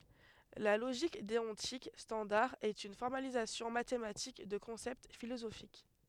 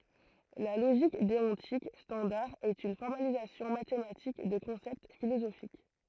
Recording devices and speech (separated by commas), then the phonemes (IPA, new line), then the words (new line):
headset microphone, throat microphone, read sentence
la loʒik deɔ̃tik stɑ̃daʁ ɛt yn fɔʁmalizasjɔ̃ matematik də kɔ̃sɛpt filozofik
La logique déontique standard est une formalisation mathématique de concepts philosophiques.